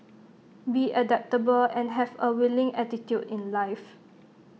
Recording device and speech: mobile phone (iPhone 6), read sentence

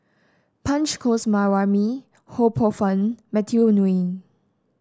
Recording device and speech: standing microphone (AKG C214), read sentence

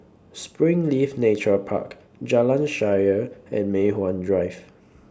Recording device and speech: standing microphone (AKG C214), read sentence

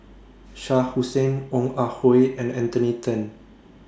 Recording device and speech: standing microphone (AKG C214), read sentence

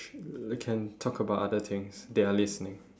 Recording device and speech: standing microphone, conversation in separate rooms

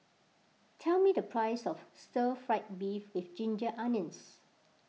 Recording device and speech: mobile phone (iPhone 6), read sentence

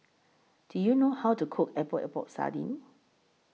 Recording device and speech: mobile phone (iPhone 6), read sentence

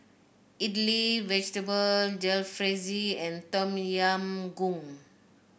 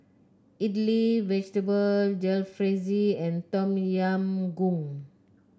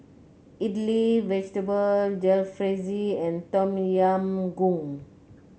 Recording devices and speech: boundary microphone (BM630), close-talking microphone (WH30), mobile phone (Samsung C9), read sentence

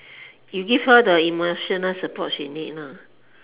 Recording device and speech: telephone, conversation in separate rooms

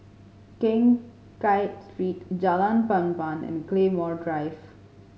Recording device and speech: mobile phone (Samsung C5010), read sentence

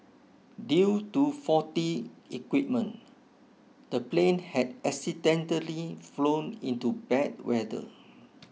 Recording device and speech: mobile phone (iPhone 6), read sentence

